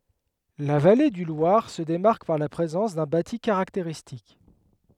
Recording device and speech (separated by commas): headset microphone, read sentence